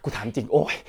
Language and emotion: Thai, frustrated